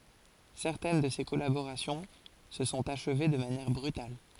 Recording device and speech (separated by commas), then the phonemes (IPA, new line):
forehead accelerometer, read sentence
sɛʁtɛn də se kɔlaboʁasjɔ̃ sə sɔ̃t aʃve də manjɛʁ bʁytal